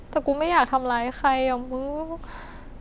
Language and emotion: Thai, sad